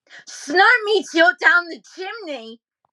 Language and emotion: English, disgusted